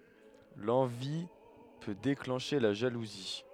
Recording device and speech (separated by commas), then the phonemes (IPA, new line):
headset microphone, read sentence
lɑ̃vi pø deklɑ̃ʃe la ʒaluzi